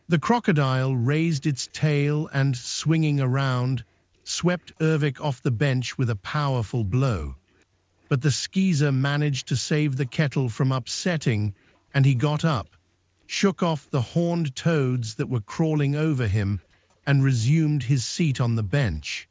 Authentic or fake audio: fake